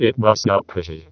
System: VC, vocoder